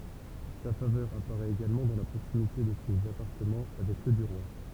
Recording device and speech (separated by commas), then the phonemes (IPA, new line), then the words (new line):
temple vibration pickup, read sentence
sa favœʁ apaʁɛt eɡalmɑ̃ dɑ̃ la pʁoksimite də sez apaʁtəmɑ̃ avɛk sø dy ʁwa
Sa faveur apparaît également dans la proximité de ses appartements avec ceux du roi.